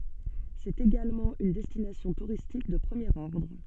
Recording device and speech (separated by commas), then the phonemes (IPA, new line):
soft in-ear microphone, read sentence
sɛt eɡalmɑ̃ yn dɛstinasjɔ̃ tuʁistik də pʁəmjeʁ ɔʁdʁ